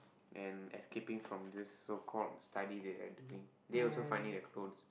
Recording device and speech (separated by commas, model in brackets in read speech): boundary microphone, conversation in the same room